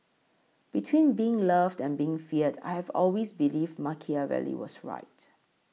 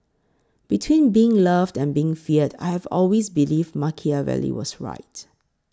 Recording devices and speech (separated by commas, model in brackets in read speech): mobile phone (iPhone 6), close-talking microphone (WH20), read sentence